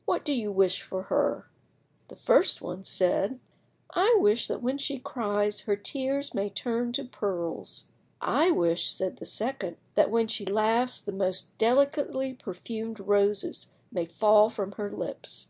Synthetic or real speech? real